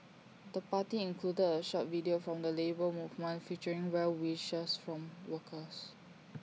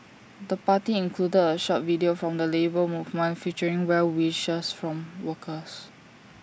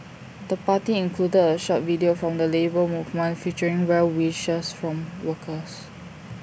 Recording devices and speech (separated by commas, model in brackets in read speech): mobile phone (iPhone 6), standing microphone (AKG C214), boundary microphone (BM630), read sentence